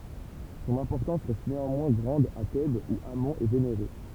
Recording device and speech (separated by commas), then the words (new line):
temple vibration pickup, read sentence
Son importance reste néanmoins grande à Thèbes où Amon est vénéré.